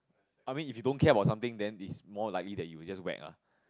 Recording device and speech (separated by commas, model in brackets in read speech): close-talking microphone, conversation in the same room